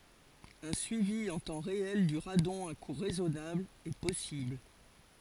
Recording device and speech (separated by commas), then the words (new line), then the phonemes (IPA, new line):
forehead accelerometer, read sentence
Un suivi en temps réel du radon à coût raisonnable est possible.
œ̃ syivi ɑ̃ tɑ̃ ʁeɛl dy ʁadɔ̃ a ku ʁɛzɔnabl ɛ pɔsibl